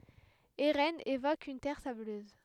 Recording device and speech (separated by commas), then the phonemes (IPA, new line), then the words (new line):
headset microphone, read sentence
eʁɛnz evok yn tɛʁ sabløz
Eraines évoque une terre sableuse.